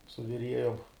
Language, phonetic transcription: Lithuanian, su viˈriejom

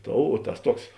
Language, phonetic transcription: Lithuanian, ˈtou o ˈtas ˈtuoks

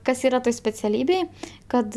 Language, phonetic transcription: Lithuanian, ˈkas ˈyra ˈtoj speciaˈlybėj ˈkad

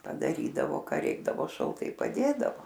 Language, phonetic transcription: Lithuanian, padaˈrydavo ˈka ˈreikdavo šalˈtai paˈdėdavo

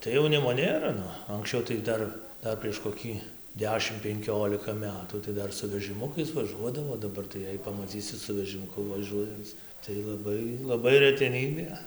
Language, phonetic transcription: Lithuanian, tai jauˈnimo ˈnėra ˈnu anksˈčiau tai gi ˈdar ˈdar prieš koˈkį ˈdešim penˈkiolika ˈmetų tai ˈdar su vežɨˈmukais vaˈžuodavo o daˈbar tai ˈjei pamaˈcysi su vežimuˈku vaˈžuojanc tai laˈbai laˈbai reteˈnybė

